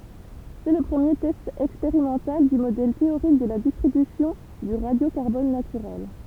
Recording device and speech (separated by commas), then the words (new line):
temple vibration pickup, read sentence
C’est le premier test expérimental du modèle théorique de la distribution du radiocarbone naturel.